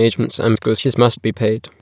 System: TTS, waveform concatenation